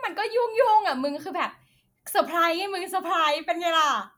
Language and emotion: Thai, happy